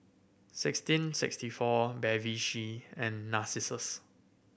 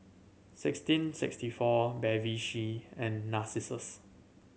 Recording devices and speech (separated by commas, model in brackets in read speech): boundary microphone (BM630), mobile phone (Samsung C7100), read sentence